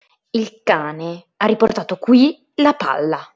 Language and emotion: Italian, angry